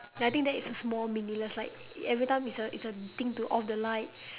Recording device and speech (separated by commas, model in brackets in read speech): telephone, conversation in separate rooms